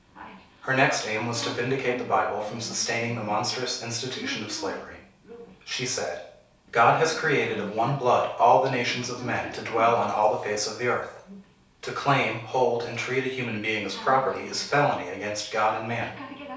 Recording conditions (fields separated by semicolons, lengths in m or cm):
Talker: one person; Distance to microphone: 3.0 m; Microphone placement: far; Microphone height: 1.8 m; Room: small (3.7 m by 2.7 m); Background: television